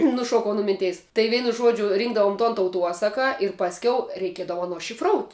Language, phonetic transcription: Lithuanian, nuˈšuokau nu ˈminˌteis tai ˈveinu ˈžuodžiu ˈrynkdavom tuon tauˈtuosaka ir pasˈkiau reiˈkiedavo ˈaˌno šifˈrout'

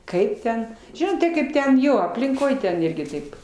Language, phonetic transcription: Lithuanian, ˈkaip ten ˈžinot tai ˈkaip ten ˈjo aplinˈkoj ten ˈirgi ˈtaip

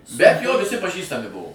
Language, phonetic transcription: Lithuanian, bet jo viˈsi paˈžįstami ˈbuvo

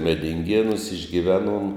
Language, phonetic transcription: Lithuanian, medinˈgėnūs išgiˈveˌnuom

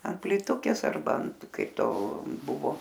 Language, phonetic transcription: Lithuanian, ant plyˈtukės arˈba ant ˈkaip ˈto ˈbuvo

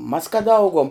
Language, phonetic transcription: Lithuanian, mas kad ˈauguom

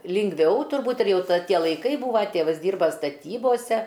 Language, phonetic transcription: Lithuanian, lingˈviau turˈbūt ir ˈjau ˈtie laiˈkai ˈbūva ˈtėvas ˈdyrba staˈtybose

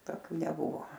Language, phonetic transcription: Lithuanian, toˈkių neˈbuvo

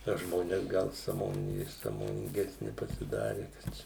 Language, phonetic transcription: Lithuanian, na ˈžmones ˈgal sąˈmon sąmoninˈgesni pasiˈdari kad ˈčia

